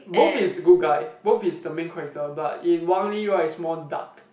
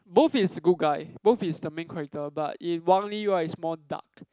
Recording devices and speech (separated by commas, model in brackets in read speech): boundary microphone, close-talking microphone, conversation in the same room